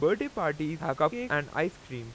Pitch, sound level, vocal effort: 150 Hz, 92 dB SPL, very loud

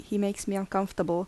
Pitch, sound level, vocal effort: 195 Hz, 78 dB SPL, soft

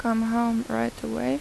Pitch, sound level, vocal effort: 225 Hz, 82 dB SPL, soft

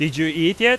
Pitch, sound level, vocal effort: 165 Hz, 97 dB SPL, loud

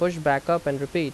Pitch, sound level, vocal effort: 155 Hz, 86 dB SPL, loud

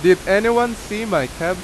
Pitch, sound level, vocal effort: 200 Hz, 92 dB SPL, very loud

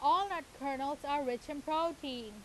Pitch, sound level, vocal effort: 290 Hz, 95 dB SPL, very loud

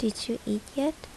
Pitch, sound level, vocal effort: 235 Hz, 73 dB SPL, soft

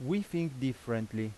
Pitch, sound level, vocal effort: 130 Hz, 87 dB SPL, loud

